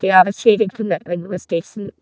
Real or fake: fake